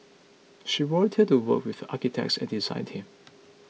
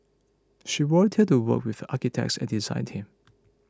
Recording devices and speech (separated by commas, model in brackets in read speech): mobile phone (iPhone 6), close-talking microphone (WH20), read sentence